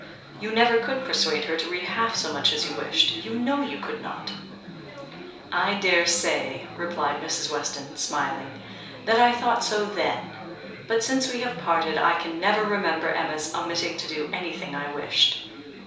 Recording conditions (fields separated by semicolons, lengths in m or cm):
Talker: one person; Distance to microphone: 3.0 m; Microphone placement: far; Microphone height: 1.8 m; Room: small (3.7 m by 2.7 m); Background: babble